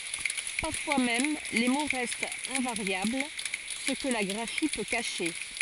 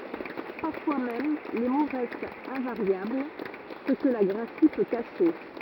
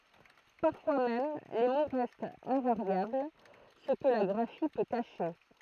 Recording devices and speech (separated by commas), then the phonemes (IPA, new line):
forehead accelerometer, rigid in-ear microphone, throat microphone, read sentence
paʁfwa mɛm le mo ʁɛstt ɛ̃vaʁjabl sə kə la ɡʁafi pø kaʃe